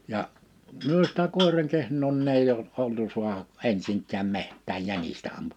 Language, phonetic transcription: Finnish, ja , 'myö sitä 'kòiraŋ 'kehǹoo nin ‿èij ‿ol- , 'oltu suaha , '’ensiŋk̆kääm 'meht̆tääj 'jänistä ampu[maan] .
- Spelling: ja me sitä koiran kehnoa niin ei - oltu saada ensinkään metsään jänistä ampumaan

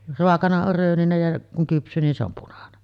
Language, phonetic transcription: Finnish, 'roakana or 'rööninej ja , kuŋ 'kyps̀yy nin se ‿om punanen .
- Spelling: raakana on rööninen ja kun kypsyy niin se on punainen

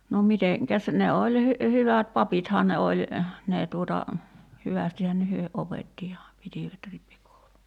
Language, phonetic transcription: Finnish, no 'miteŋkäs ne 'oĺ hy- , 'hyvät "papithaa ne oĺ , 'nee tuota , 'hyvästihän hyö 'opetti ja , 'pitìvät 'rippikoulu .
- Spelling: no mitenkäs ne oli - hyvät papithan ne oli ne tuota hyvästihän he opetti ja pitivät rippikoulun

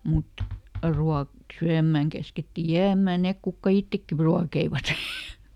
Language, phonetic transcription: Finnish, ˈmut , ˈruak- , ˈsyämmä̀ŋ käsketti "jääm̆mä ˈnek kukka "ittekki pru- ˈruakeivat .
- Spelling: mutta - syömään käskettiin jäämään ne ketkä itsekin - ruokkivat

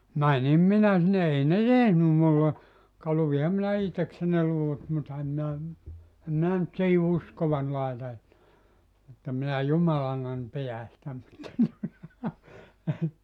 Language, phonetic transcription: Finnish, "mänim 'minä sinne 'ei ne "tehnym mulle , ka 'luviham minä 'ihteksen̆ ne 'luvut mutta 'em minä , 'em minä nʸt 'siihi "uskovan laeta että , 'että minä "jumalannan 'pijä sⁱtä mutta tuota ,.
- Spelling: menin minä sinne ei ne tehnyt minulle ka luinhan minä itsekseni ne luvut mutta en minä en minä nyt siihen uskoani laita että että minä jumalanani pidän sitä mutta tuota

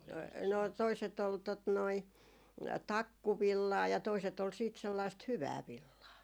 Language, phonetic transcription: Finnish, 'no , toiset ‿ol tot noi , "takku'villaa ja toiset ol siit sellaist "hyvää 'villaa .
- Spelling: no toiset oli tuota noin takkuvillaa ja toiset oli sitten sellaista hyvää villaa

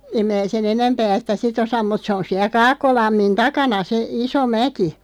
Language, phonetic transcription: Finnish, 'em mää sen "enämpää sⁱtä "si't ‿osam mut 'se on 'siä 'Kaakkolammin "takana se , "iso 'mäki .
- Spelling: en minä sen enempää sitä sitten osaa mutta se on siellä Kaakkolammin takana se iso mäki

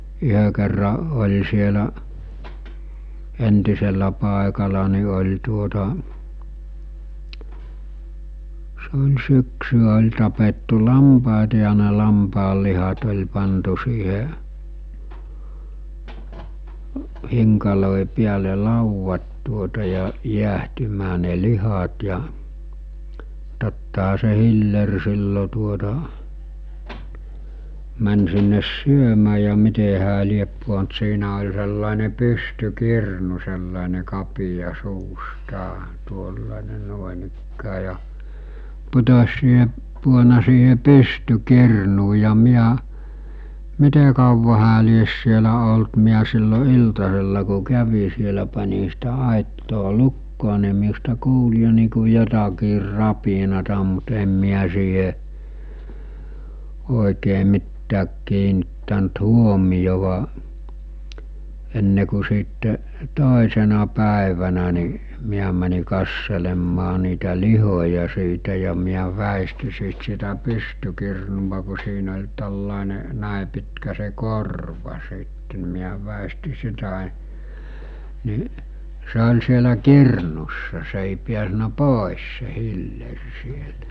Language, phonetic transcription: Finnish, 'yhö kerra , oĺ sielä’ , 'entisellä pàekala ni oĺ tuota , se oĺ 'syksy₍ä oĺ tapettu 'lampàeta ja ne 'lampaallihat oĺ pantu siihe , 'hiŋkalòi piäle 'lauvvat tuota ja , 'jiähtymää ne 'lihat ja , tottaɦa se 'hiller 'sillo tuota , män sinnes "syömää ja 'mite hää liep puont 'siinä oĺ sellàene 'pysty'kirnu sellàene 'kapija 'suustaa , 'tuollàene 'nᵘòenikkää ja , putos̜ siihe , puona siihe 'pysty'kirnuu ja 'miä , 'mite kauva hää lies sielä olt miä sillo 'iltasella ku 'kävi sielä pan̜i sitä 'àittoo 'lukkoo ni miusta 'kuul jo nii ku 'jotakiir 'rapinata mut em miä siiɦe , òikee 'mittääk kiinittänt 'huomijova , enne ku siitte , 'tòesena 'pä̀evänä ni , 'miä mäni kasselemmaa niitä 'lihoja siitä ja miä 'vä̀esti siit sitä 'pystykirnuva ku siin ‿oĺ ta̳llàene , 'nä̀e pitkä se 'korva 'sìtte n(i) miä vä̀esti 'sitä , ni , se ol sielä 'kirnussa se èi piäsnä "pòis se 'hiller siel[tä] .
- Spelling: yhden kerran oli siellä entisellä paikalla niin oli tuota se oli syksyä oli tapettu lampaita ja ne lampaanlihat oli pantu siihen hinkaloiden päälle laudat tuota ja jäähtymään ne lihat ja tottahan se hilleri silloin tuota meni sinne syömään ja miten hän lie pudonnut siinä oli sellainen pystykirnu sellainen kapea suustaan tuollainen noinikään ja putosi siihen pudonnut siihen pystykirnuun ja minä miten kauan hän lie siellä ollut minä silloin iltasella kun kävin siellä panin sitä aittaa lukkoon niin minusta kuuli jo niin kuin jotakin rapinaa mutta en minä siihen oikein mitään kiinnittänyt huomiota ennen kuin sitten toisena päivänä niin minä menin katselemaan niitä lihoja siitä ja minä väistin siitä sitä pystykirnua kun siinä oli tällainen näin pitkä se korva sitten niin minä väistin sitä niin se oli siellä kirnussa se ei päässyt pois se hilleri sieltä

